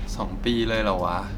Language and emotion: Thai, frustrated